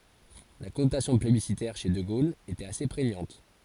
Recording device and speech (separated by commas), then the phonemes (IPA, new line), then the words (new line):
forehead accelerometer, read sentence
la kɔnotasjɔ̃ plebisitɛʁ ʃe də ɡol etɛt ase pʁeɲɑ̃t
La connotation plébiscitaire chez de Gaulle était assez prégnante.